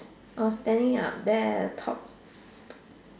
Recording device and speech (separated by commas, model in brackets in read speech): standing microphone, conversation in separate rooms